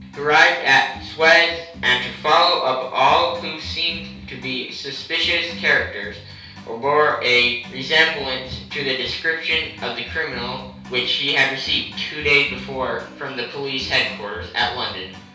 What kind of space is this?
A compact room.